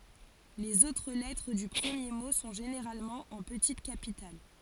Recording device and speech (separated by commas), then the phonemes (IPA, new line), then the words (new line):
forehead accelerometer, read sentence
lez otʁ lɛtʁ dy pʁəmje mo sɔ̃ ʒeneʁalmɑ̃ ɑ̃ pətit kapital
Les autres lettres du premier mot sont généralement en petites capitales.